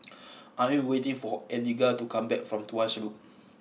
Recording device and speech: mobile phone (iPhone 6), read sentence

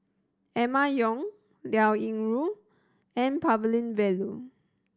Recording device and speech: standing microphone (AKG C214), read sentence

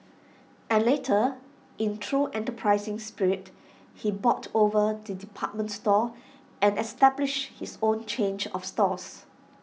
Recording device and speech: mobile phone (iPhone 6), read sentence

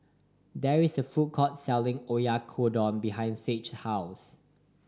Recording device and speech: standing microphone (AKG C214), read sentence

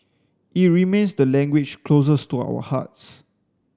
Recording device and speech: standing microphone (AKG C214), read sentence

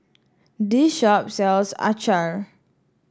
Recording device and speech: standing microphone (AKG C214), read sentence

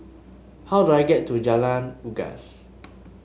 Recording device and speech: mobile phone (Samsung S8), read sentence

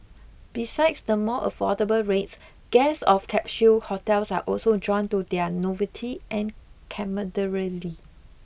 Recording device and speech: boundary microphone (BM630), read sentence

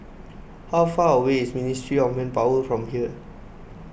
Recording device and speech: boundary microphone (BM630), read sentence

